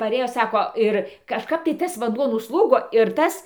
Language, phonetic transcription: Lithuanian, paˈrėjo ˈsako ˈir kažˈkap tai ˈtas vanˈduo nusˈlūgo ir ˈtas

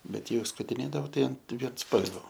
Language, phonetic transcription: Lithuanian, ˈbet ˈjau skutiˈnėdavo ˈtai an viensˈpalvio

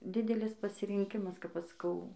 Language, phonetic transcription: Lithuanian, ˈdidelis pasirinˈkimas kap ˈaš saˈkau

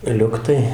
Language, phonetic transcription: Lithuanian, ˈliuktai

